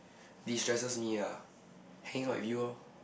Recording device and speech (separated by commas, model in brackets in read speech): boundary microphone, conversation in the same room